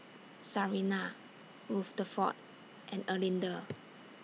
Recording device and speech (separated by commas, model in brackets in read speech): mobile phone (iPhone 6), read sentence